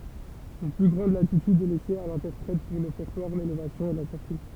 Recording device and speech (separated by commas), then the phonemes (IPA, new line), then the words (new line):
temple vibration pickup, read sentence
yn ply ɡʁɑ̃d latityd ɛ lɛse a lɛ̃tɛʁpʁɛt puʁ lɔfɛʁtwaʁ lelevasjɔ̃ e la sɔʁti
Une plus grande latitude est laissée à l'interprète pour l'Offertoire, l'Élévation et la sortie.